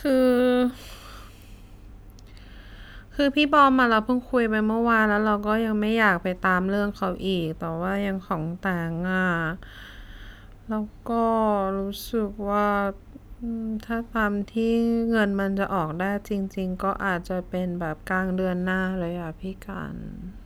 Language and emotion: Thai, frustrated